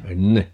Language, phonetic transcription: Finnish, "enne !
- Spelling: ennen

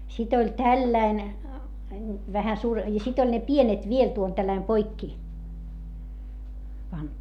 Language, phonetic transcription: Finnish, sit ‿oĺ tälläin , vähä suur- , ja sit ‿oĺ ne pienet viel tuol tälläim poikki , pantu .
- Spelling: sitten oli tällainen vähän - ja sitten oli ne pienet vielä tuolla tällä lailla poikki pantu

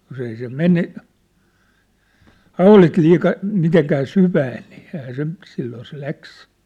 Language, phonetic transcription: Finnish, jos ‿ei se "mene , "haulit 'liika , 'miteŋkää 'syvään̆ nii , ehää se , silloo se 'läks !
- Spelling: jos ei se mene haulit liikaa mitenkään syvään niin eihän se silloin se lähti

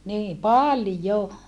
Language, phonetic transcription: Finnish, nii paljo !
- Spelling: niin paljon

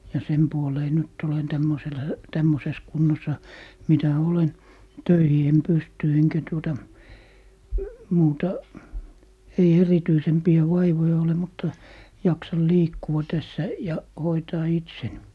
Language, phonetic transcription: Finnish, ja 'sem puolee 'nyt ‿olen 'tämmosel , 'tämmoses 'kunnosa , 'mitä "olen , "töihi em 'pysty eŋkä tuota , 'muuta , ei 'erityisempi₍ä "vaivoja ole mutta , 'jaksal "liikkua 'tässä , 'ja , "hoitaa 'itsen .
- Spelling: ja sen puoleen nyt olen tämmöisellä tämmöisessä kunnossa mitä olen töihin en pysty enkä tuota muuta ei erityisempiä vaivoja ole mutta jaksan liikkua tässä ja hoitaa itseni

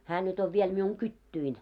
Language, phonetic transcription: Finnish, 'hää nyt ‿ov viel miuŋ "kyttyin .
- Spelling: hän nyt on vielä minun kytyni

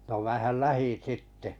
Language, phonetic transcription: Finnish, no mä̀häl "lähin̬ 'sitte .
- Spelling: no minähän lähdin sitten

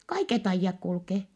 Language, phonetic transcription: Finnish, kaiket ‿aijjak kulkee .
- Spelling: kaiket ajat kulkee

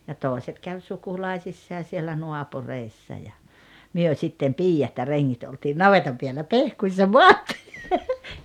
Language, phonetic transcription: Finnish, ja 'tooᵉset käv 'sukulaisissaa siellä 'nuapureissa ja , 'myö 'sittem "piijat ja "reŋŋit oltiin "navetam piällä "pehkuissa "moattɪɪ .
- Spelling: ja toiset kävi sukulaisissa siellä naapureissa ja me sitten piiat ja rengit oltiin navetan päällä pehkuissa maattiin

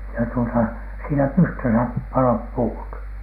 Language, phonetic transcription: Finnish, ja tuota siinä "pystösä 'paloip 'puut .
- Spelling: ja tuota siinä pystyssä paloivat puut

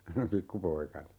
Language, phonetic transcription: Finnish, 'pikkupoika(na) .
- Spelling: pikkupoikana

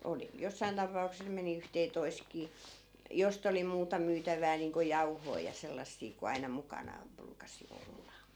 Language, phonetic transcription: Finnish, 'oli 'jossain tapa₍ukses meni yhtee'toi̮sᵗkii , "jost ‿oli 'muuta 'myytäv̀ää niiŋko "jau̬hoi ja 'sellassii ku aina 'mukanaaᵐ 'bruukasi 'olla .
- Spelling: oli jossakin tapauksessa meni yhteentoistakin josta oli muuta myytävää niin kuin jauhoja ja sellaisia kuin aina mukanaan ruukasi olla

